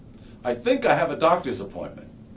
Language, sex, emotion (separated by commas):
English, male, neutral